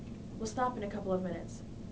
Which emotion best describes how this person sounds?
neutral